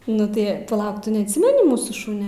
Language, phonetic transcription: Lithuanian, ˈnu tai paˈlauk ˈtu neatˈsimeni ˈmūsų ˈšunia

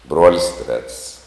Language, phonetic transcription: Lithuanian, ˈbruolis trets

